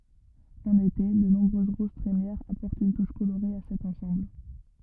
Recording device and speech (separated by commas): rigid in-ear microphone, read sentence